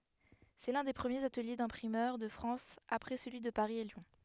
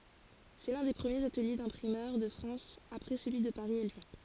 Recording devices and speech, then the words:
headset microphone, forehead accelerometer, read sentence
C'est l'un des premiers ateliers d'imprimeurs de France après celui de Paris et Lyon.

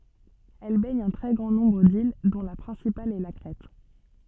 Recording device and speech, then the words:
soft in-ear microphone, read sentence
Elle baigne un très grand nombre d’îles dont la principale est la Crète.

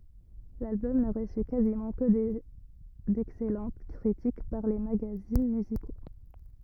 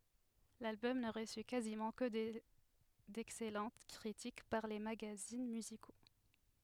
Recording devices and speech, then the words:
rigid in-ear microphone, headset microphone, read sentence
L'album ne reçut quasiment que d'excellentes critiques par les magazines musicaux.

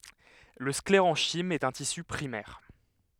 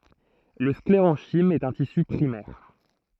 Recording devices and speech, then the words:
headset microphone, throat microphone, read sentence
Le sclérenchyme est un tissu primaire.

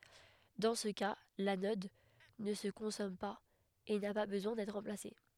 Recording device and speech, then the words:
headset microphone, read sentence
Dans ce cas, l'anode ne se consomme pas et n'a pas besoin d'être remplacée.

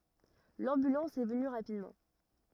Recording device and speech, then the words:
rigid in-ear microphone, read sentence
L'ambulance est venue rapidement.

